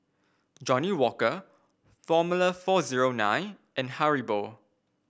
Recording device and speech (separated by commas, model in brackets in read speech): boundary microphone (BM630), read sentence